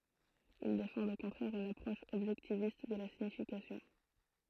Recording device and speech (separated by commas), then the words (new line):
throat microphone, read sentence
Ils défendent au contraire une approche objectiviste de la signification.